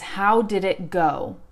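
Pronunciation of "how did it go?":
'How did it go' is said in its full form here, with 'did' pronounced as a separate word and not shortened to 'how'd it go'.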